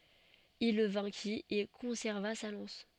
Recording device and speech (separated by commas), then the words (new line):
soft in-ear microphone, read sentence
Il le vainquit et conserva sa lance.